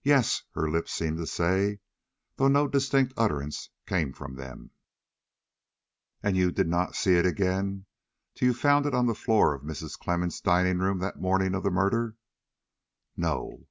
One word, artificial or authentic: authentic